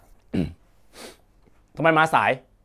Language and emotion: Thai, angry